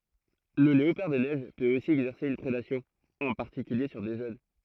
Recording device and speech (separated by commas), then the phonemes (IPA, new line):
throat microphone, read sentence
lə leopaʁ de nɛʒ pøt osi ɛɡzɛʁse yn pʁedasjɔ̃ ɑ̃ paʁtikylje syʁ de ʒøn